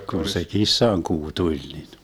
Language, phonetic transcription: Finnish, kun se 'kissaŋkuu 'tuĺ nin ,.
- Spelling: kun se kissankuu tuli niin

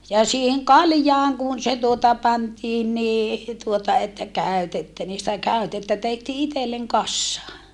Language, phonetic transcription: Finnish, ja siiheŋ kaljaaŋ kun se tuota pantiin nii , tuota että kä̀ytettä nii sitä kä̀yttettä tehtii itelleŋ kassaa .
- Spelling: ja siihen kaljaan kun se tuota pantiin niin tuota että käytettä niin sitä käytettä tehtiin itselle kasaan

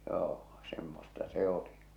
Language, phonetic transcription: Finnish, 'joo , semmosta 'se oli .
- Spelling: joo semmoista se oli

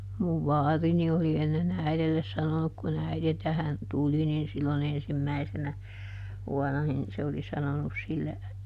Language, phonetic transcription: Finnish, muv "vaarini oli ˈenne"n ‿äiδelles ˈsanonuk kuˈn ‿äiδe ˈtähän , "tuli nin ˈsilloˈn ‿ensimmäisenä , ˈvuɔn̆na nin , se oli ˈsanonus sille ,.
- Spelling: minun vaarini oli ennen äidille sanonut kun äiti tähän tuli niin silloin ensimmäisenä vuonna niin se oli sanonut sille

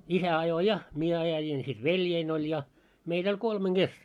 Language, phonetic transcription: Finnish, isä ajo "ja , 'mie 'ajajin sit 'veljein oĺ ja , meitᵃ̈ ‿oĺ 'kolmeŋ "ɢes .
- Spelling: isä ajoi ja minä ajoin sitten veljeni oli ja meitä oli kolmen kesken

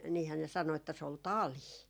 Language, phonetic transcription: Finnish, niihää ne 'sano että se ol "talii .
- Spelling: niinhän ne sanoi että se oli talia

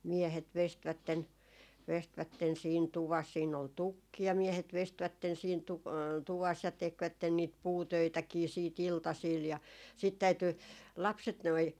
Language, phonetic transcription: Finnish, 'miehet 'vestvätten , 'vestvätten siin "tuvas siin ‿ol "tukki ja 'miehet 'vestvätten siin tu- , 'tuvas ja 'tekvätten niit "puutöitäkii siit 'iltasiil ja sit täyty , 'lapset noi ,.
- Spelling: miehet veistivät veistivät siinä tuvassa siinä oli tukki ja miehet veistivät siinä - tuvassa ja tekivät niitä puutöitäkin sitten iltasilla ja sitten täytyi lapset noin

